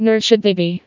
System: TTS, vocoder